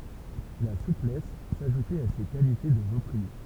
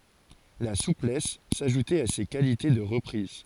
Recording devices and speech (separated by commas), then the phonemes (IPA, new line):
temple vibration pickup, forehead accelerometer, read sentence
la suplɛs saʒutɛt a se kalite də ʁəpʁiz